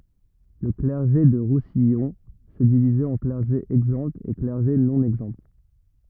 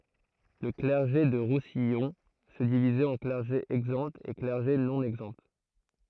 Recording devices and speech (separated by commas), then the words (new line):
rigid in-ear microphone, throat microphone, read sentence
Le clergé du Roussillon se divisait en clergé exempt et clergé non exempt.